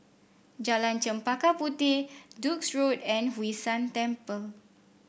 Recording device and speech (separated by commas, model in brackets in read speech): boundary microphone (BM630), read sentence